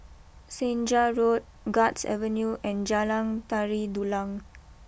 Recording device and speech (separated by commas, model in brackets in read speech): boundary microphone (BM630), read sentence